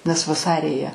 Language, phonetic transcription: Lithuanian, nes vaˈsari jie

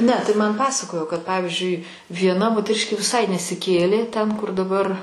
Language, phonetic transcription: Lithuanian, ˈne tai ˈman ˈpasakojo kad ˈpavizdžiui vieˈna moteˈriškė viˈsai nesiˈkėlė ten kur daˈbar

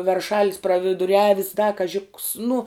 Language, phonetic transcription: Lithuanian, verˈšalis praviduˈriavis da kaˈži ks nu

